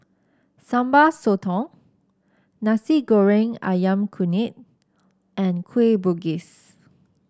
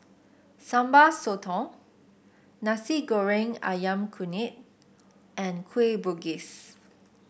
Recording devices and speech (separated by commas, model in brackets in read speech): standing microphone (AKG C214), boundary microphone (BM630), read sentence